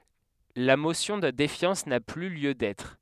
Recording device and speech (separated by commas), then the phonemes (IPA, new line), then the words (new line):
headset microphone, read sentence
la mosjɔ̃ də defjɑ̃s na ply ljø dɛtʁ
La motion de défiance n'a plus lieu d'être.